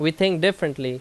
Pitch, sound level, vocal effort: 165 Hz, 88 dB SPL, very loud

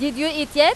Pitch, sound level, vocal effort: 295 Hz, 99 dB SPL, very loud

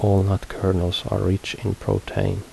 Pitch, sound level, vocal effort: 95 Hz, 72 dB SPL, soft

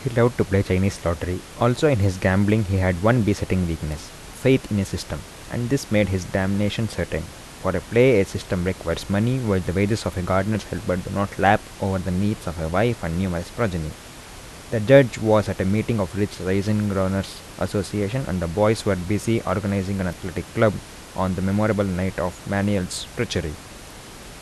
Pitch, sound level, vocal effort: 100 Hz, 78 dB SPL, soft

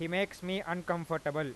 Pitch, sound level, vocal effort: 170 Hz, 95 dB SPL, very loud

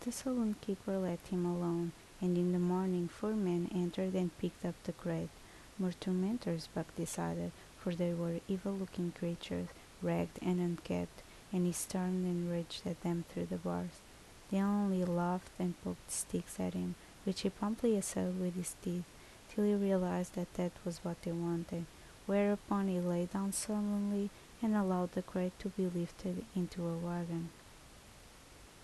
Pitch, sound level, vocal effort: 180 Hz, 73 dB SPL, soft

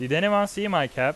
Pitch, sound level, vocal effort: 185 Hz, 93 dB SPL, very loud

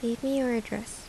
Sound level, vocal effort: 76 dB SPL, soft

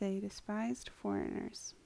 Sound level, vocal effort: 71 dB SPL, soft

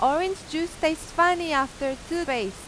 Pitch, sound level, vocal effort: 315 Hz, 94 dB SPL, very loud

